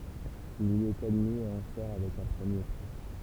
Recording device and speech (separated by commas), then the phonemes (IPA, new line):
temple vibration pickup, read sentence
il i ɛt admi e ɑ̃ sɔʁ avɛk œ̃ pʁəmje pʁi